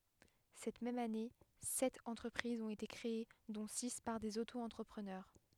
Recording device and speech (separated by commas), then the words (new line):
headset microphone, read sentence
Cette même année, sept entreprises ont été créées dont six par des Auto-entrepreneurs.